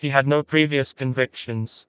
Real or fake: fake